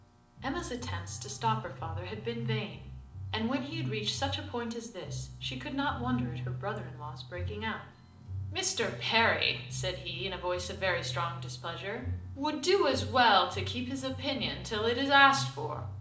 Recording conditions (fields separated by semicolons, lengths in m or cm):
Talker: one person; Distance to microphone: 2.0 m; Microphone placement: close; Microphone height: 99 cm; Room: medium-sized (5.7 m by 4.0 m); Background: music